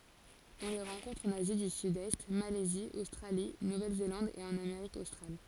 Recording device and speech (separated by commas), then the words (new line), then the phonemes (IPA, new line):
forehead accelerometer, read sentence
On les rencontre en Asie du Sud-Est, Malaisie, Australie, Nouvelle-Zélande et en Amérique australe.
ɔ̃ le ʁɑ̃kɔ̃tʁ ɑ̃n azi dy sydɛst malɛzi ostʁali nuvɛlzelɑ̃d e ɑ̃n ameʁik ostʁal